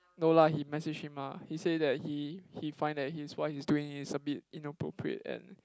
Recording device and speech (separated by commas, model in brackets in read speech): close-talking microphone, conversation in the same room